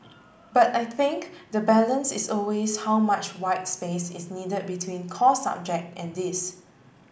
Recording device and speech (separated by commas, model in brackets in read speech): boundary microphone (BM630), read sentence